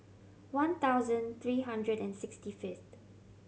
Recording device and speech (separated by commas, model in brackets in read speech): mobile phone (Samsung C7100), read sentence